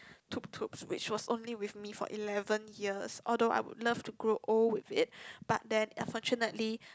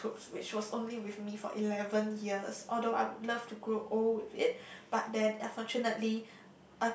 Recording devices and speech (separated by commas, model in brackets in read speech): close-talking microphone, boundary microphone, conversation in the same room